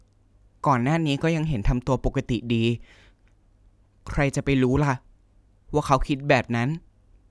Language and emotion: Thai, sad